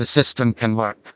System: TTS, vocoder